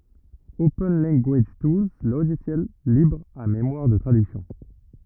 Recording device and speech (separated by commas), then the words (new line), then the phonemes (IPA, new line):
rigid in-ear microphone, read sentence
Open Language Tools Logiciel libre à mémoire de traduction.
open lɑ̃ɡaʒ tulz loʒisjɛl libʁ a memwaʁ də tʁadyksjɔ̃